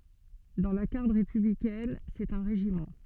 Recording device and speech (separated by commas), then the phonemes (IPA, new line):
soft in-ear microphone, read sentence
dɑ̃ la ɡaʁd ʁepyblikɛn sɛt œ̃ ʁeʒimɑ̃